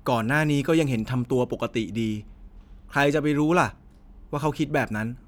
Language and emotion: Thai, frustrated